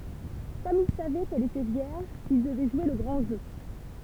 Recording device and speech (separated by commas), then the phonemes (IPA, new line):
temple vibration pickup, read sentence
kɔm il savɛ kɛl etɛ vjɛʁʒ il dəvɛ ʒwe lə ɡʁɑ̃ ʒø